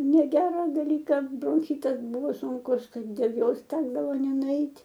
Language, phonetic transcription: Lithuanian, neˈgera daˈlyka bronˈchitas ˈbuvo sunˈkus ˈtai dėl ˈjos ˈtekdavo nenuˈeit'

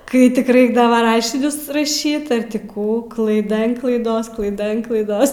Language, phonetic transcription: Lithuanian, ˈkai tik ˈraikdava ˈrašinius raˈšyt ar ˈti ˈkų klaiˈda an klaiˈdos klaiˈda an klaiˈdos

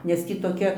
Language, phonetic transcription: Lithuanian, nes ˈtį toˈkia

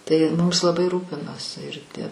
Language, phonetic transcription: Lithuanian, tai ˈmumis laˈbai ˈrūpinosi ir tie

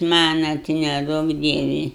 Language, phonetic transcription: Lithuanian, ˈmana tai neˈduok ˈdievi

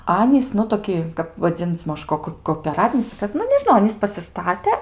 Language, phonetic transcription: Lithuanian, ˈanys nu toˈki kap vaˈdzin'c' ˈmaž ˈkok kopeˈratinis ar ˈkas nu nežiˈnau ˈanys pasiˈstate

